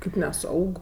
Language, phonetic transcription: Lithuanian, kaip neˈsaug

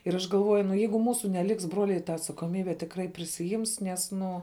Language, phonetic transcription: Lithuanian, ir ˈaš galˈvuoju nu ˈjeigu ˈmūsu neˈliks ˈbruoliai ta atsakoˈmybę tikˈrai prisiˈjims ˈnes ˈnu

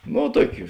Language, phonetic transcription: Lithuanian, no ˈtuokiu

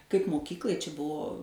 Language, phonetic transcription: Lithuanian, kaip moˈkyklai čia ˈbuo

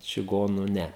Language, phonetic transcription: Lithuanian, čiˈgonų ˈne

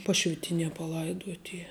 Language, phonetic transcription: Lithuanian, ˈpašvitinie paˈlaiduot' ˈy

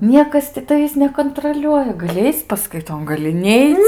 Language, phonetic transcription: Lithuanian, ˈniekas ti taˈvįs nekonˈtroliuoja gaˈli ˈaic' paskaiˈton gaˈli ˈneic

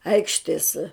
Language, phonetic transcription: Lithuanian, ˈaikštės

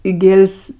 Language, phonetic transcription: Lithuanian, i ˈgėl's'

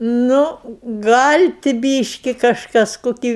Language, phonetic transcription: Lithuanian, ˈnu ˈgal' ti ˈbyški kažˈkas koˈkį

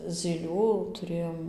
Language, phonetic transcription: Lithuanian, zyˈlių tuˈrėjom

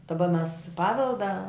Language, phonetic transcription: Lithuanian, daˈba mes ˈpavelda

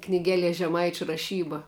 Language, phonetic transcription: Lithuanian, kniˈgeˌlie žeˈmaičiu raˈšyba

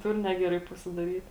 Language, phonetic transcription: Lithuanian, ˈtur ˈnegeˌrai pasidaˈryt

